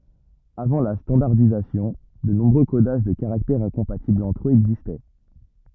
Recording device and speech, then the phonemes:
rigid in-ear microphone, read sentence
avɑ̃ la stɑ̃daʁdizasjɔ̃ də nɔ̃bʁø kodaʒ də kaʁaktɛʁz ɛ̃kɔ̃patiblz ɑ̃tʁ øz ɛɡzistɛ

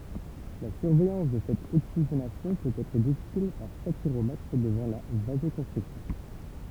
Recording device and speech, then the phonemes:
temple vibration pickup, read sentence
la syʁvɛjɑ̃s də sɛt oksiʒenasjɔ̃ pøt ɛtʁ difisil paʁ satyʁomɛtʁ dəvɑ̃ la vazokɔ̃stʁiksjɔ̃

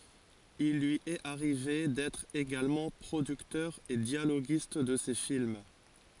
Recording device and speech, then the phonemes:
forehead accelerometer, read sentence
il lyi ɛt aʁive dɛtʁ eɡalmɑ̃ pʁodyktœʁ e djaloɡist də se film

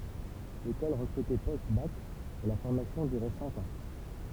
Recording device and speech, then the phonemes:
temple vibration pickup, read sentence
lekɔl ʁəkʁytɛ postbak e la fɔʁmasjɔ̃ dyʁɛ sɛ̃k ɑ̃

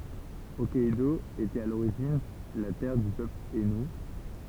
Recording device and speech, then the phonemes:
temple vibration pickup, read sentence
ɔkkɛdo etɛt a loʁiʒin la tɛʁ dy pøpl ainu

